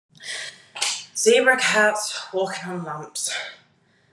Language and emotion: English, angry